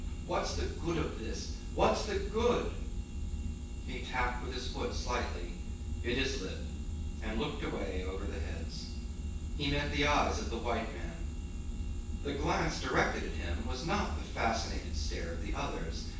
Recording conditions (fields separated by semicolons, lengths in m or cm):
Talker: one person; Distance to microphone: 9.8 m; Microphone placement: far; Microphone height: 1.8 m; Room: large; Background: none